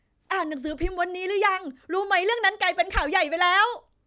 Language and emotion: Thai, happy